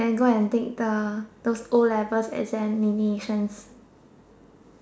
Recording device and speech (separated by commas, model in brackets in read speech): standing microphone, conversation in separate rooms